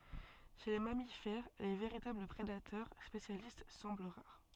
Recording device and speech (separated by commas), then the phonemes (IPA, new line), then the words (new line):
soft in-ear microphone, read sentence
ʃe le mamifɛʁ le veʁitabl pʁedatœʁ spesjalist sɑ̃bl ʁaʁ
Chez les mammifères, les véritables prédateurs spécialistes semblent rares.